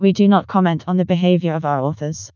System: TTS, vocoder